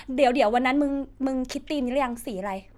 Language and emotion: Thai, neutral